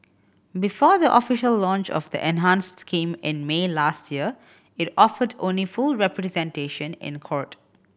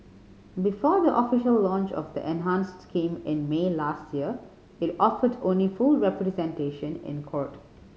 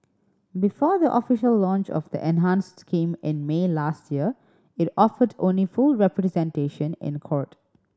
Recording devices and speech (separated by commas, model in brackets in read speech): boundary microphone (BM630), mobile phone (Samsung C5010), standing microphone (AKG C214), read sentence